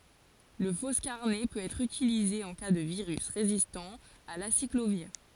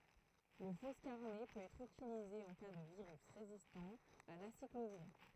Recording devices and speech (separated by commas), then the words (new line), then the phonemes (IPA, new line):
forehead accelerometer, throat microphone, read sentence
Le foscarnet peut être utilisé en cas de virus résistant à l'aciclovir.
lə fɔskaʁnɛ pøt ɛtʁ ytilize ɑ̃ ka də viʁys ʁezistɑ̃ a lasikloviʁ